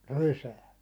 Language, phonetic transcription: Finnish, rysää .
- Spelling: rysään

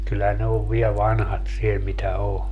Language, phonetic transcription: Finnish, kyllä ne ov 'viɛ "vanhat siel mitä 'o .
- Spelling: kyllä ne on vielä vanhat siellä mitä on

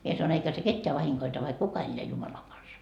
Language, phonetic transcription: Finnish, 'mie sanoin eikä se 'ketteä 'vahiŋkoita vaik kuka elleä 'Jumalaŋ Gansa .
- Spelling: minä sanoin eikä se ketään vahingoita vaikka kuka elää Jumalan kanssa

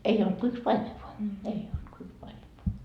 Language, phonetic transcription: Finnish, 'ei olt ko 'yks "paime voa , "ei olt ko 'yks paimev voa .
- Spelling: ei ollut kuin yksi paimen vain ei ollut kuin yksi paimen vain

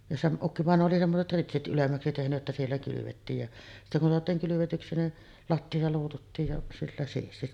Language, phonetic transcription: Finnish, ja sem- , ukkivàenoo oli 'semmoset "ritsit ’ylemmäksi tehny’ ’että 'siellä 'kylyvettiij ja , sittä kun soat̀iiŋ kylyvetyksi nin , "latti₍a 'luututtiij ja sillä siisti .
- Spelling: ja - ukkivainaja oli semmoiset ritsit ylemmäksi tehnyt että siellä kylvettiin ja sitten kun saatiin kylvetyksi niin lattia luututtiin ja sillä siisti

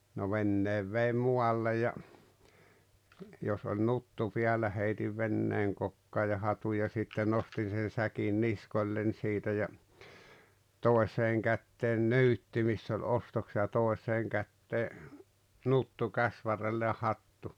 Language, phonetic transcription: Finnish, no 'venneev veim 'mualle ja , jos oĺ "nuttu 'piällä heitiv 'venneeŋ kokkaa ja 'hatuj ja sitte 'nostin̬ sen̬ 'säkin "niskoĺĺen̬ siitä ja , 'tòeseeŋ 'kättee "nuttu miss ‿oĺ 'ostokse- ja 'tòeśeeŋ kättee , 'nuttu 'käsvarrelle ja 'hattu .
- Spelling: no veneen vein muualle ja jos oli nuttu päällä heitin veneen kokkaan ja hatun ja sitten nostin sen säkin niskoilleni siitä ja toiseen käteen nuttu missä oli ostokset ja toiseen käteen nuttu käsivarrelle ja hattu

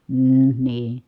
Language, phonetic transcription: Finnish, hmm , nii .
- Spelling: mm niin

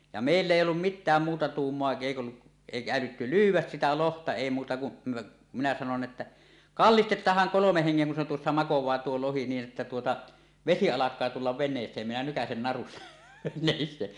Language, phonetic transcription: Finnish, ja 'mèill ‿èij̆j ‿ollum "mittääm muuta 'tuummoa èik ‿ollu’ , 'èikä älytty "lyyw̆wäs 'sitä 'lohta èi muuta kun , minä sanon että , » kallistet̆taah̆haŋ 'kolomeh 'heŋŋeŋ kun se tuossa 'makow̆waa 'tuo 'lohi niin ’että tuota , "vesi 'alak̆kaa tullav 'ven̆nees̀eem minä 'nykäsen narustᴀ « , nèin se ,.
- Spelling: ja meillä ei ollut mitään muuta tuumaa ei ollut eikä älytty lyödä sitä lohta ei muuta kuin minä sanoin että kallistetaanhan kolmen hengen kun se tuossa makaa tuo lohi niin että tuota vesi alkaa tulla veneeseen minä nykäisen narusta näin se

